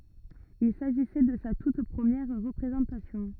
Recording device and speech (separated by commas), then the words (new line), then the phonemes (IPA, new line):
rigid in-ear microphone, read sentence
Il s'agissait de sa toute première représentation.
il saʒisɛ də sa tut pʁəmjɛʁ ʁəpʁezɑ̃tasjɔ̃